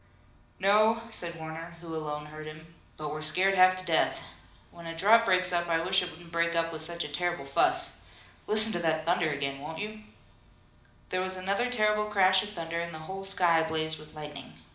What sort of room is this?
A mid-sized room (about 5.7 m by 4.0 m).